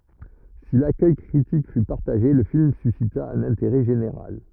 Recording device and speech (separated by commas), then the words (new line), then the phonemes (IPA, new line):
rigid in-ear microphone, read sentence
Si l'accueil critique fut partagé, le film suscita un intérêt général.
si lakœj kʁitik fy paʁtaʒe lə film sysita œ̃n ɛ̃teʁɛ ʒeneʁal